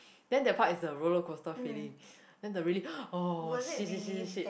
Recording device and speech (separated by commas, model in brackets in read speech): boundary microphone, conversation in the same room